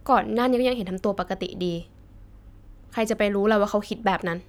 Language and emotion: Thai, frustrated